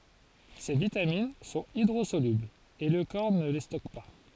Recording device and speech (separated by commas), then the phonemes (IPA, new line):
forehead accelerometer, read sentence
se vitamin sɔ̃t idʁozolyblz e lə kɔʁ nə le stɔk pa